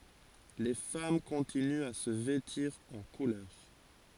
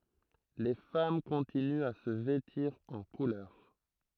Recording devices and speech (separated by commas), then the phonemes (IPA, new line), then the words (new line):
forehead accelerometer, throat microphone, read sentence
le fam kɔ̃tinyt a sə vɛtiʁ ɑ̃ kulœʁ
Les femmes continuent à se vêtir en couleurs.